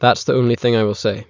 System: none